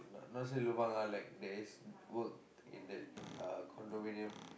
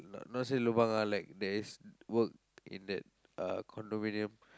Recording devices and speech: boundary microphone, close-talking microphone, conversation in the same room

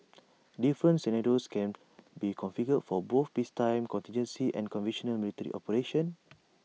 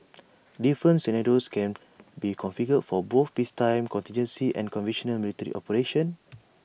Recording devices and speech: mobile phone (iPhone 6), boundary microphone (BM630), read sentence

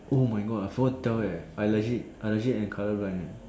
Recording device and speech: standing microphone, conversation in separate rooms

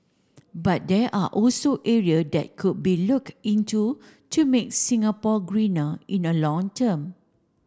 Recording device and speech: standing microphone (AKG C214), read sentence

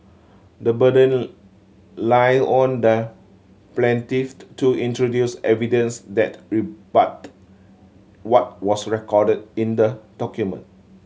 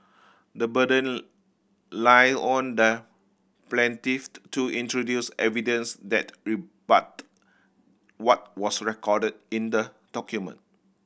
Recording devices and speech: mobile phone (Samsung C7100), boundary microphone (BM630), read sentence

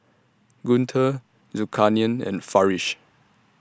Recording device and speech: standing microphone (AKG C214), read sentence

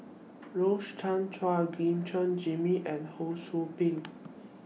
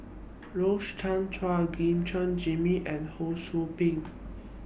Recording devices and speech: mobile phone (iPhone 6), boundary microphone (BM630), read sentence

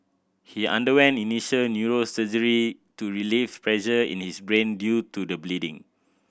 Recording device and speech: boundary microphone (BM630), read sentence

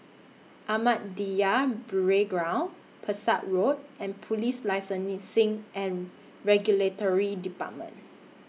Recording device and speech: mobile phone (iPhone 6), read sentence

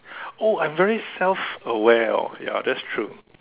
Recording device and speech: telephone, conversation in separate rooms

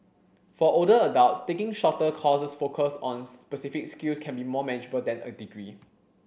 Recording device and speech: boundary microphone (BM630), read sentence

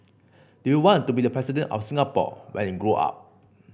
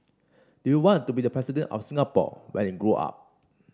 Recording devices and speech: boundary microphone (BM630), standing microphone (AKG C214), read sentence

